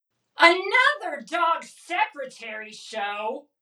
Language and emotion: English, disgusted